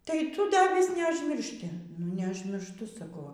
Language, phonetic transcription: Lithuanian, tai ˈtu ˈda vis neažmirˈšti nu neužmiršˈtu saˈkau ˈva

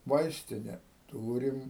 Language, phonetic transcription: Lithuanian, ˈvaistine ˈtūrim

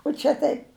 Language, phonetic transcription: Lithuanian, u ˈčia taip

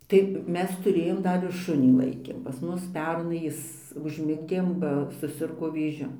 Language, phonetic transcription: Lithuanian, tai ˈmes tuˈrėjom ˈdar ir ˈšunį ˈlaikėm pas ˈmus ˈpernai ˈjis užˈmigdėm ba suˈsirgo vėˈžiu

